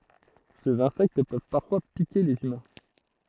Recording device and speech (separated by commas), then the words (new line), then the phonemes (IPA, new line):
throat microphone, read sentence
Ces insectes peuvent parfois piquer les humains.
sez ɛ̃sɛkt pøv paʁfwa pike lez ymɛ̃